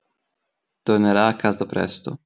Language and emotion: Italian, neutral